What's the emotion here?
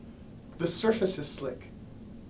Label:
neutral